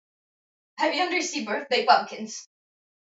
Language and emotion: English, fearful